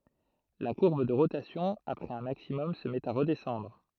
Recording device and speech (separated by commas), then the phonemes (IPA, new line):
throat microphone, read sentence
la kuʁb də ʁotasjɔ̃ apʁɛz œ̃ maksimɔm sə mɛt a ʁədɛsɑ̃dʁ